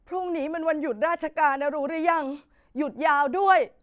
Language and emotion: Thai, sad